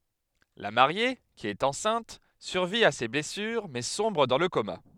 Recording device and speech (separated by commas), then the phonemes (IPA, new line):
headset microphone, read sentence
la maʁje ki ɛt ɑ̃sɛ̃t syʁvi a se blɛsyʁ mɛ sɔ̃bʁ dɑ̃ lə koma